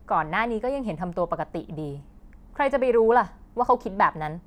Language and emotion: Thai, angry